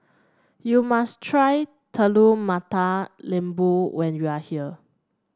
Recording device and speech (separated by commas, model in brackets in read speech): standing microphone (AKG C214), read sentence